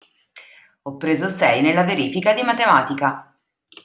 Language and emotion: Italian, neutral